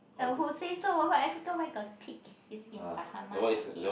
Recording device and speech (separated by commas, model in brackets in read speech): boundary microphone, conversation in the same room